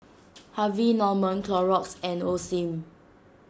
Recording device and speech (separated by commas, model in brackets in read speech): standing microphone (AKG C214), read sentence